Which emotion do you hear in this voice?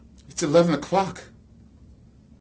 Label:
fearful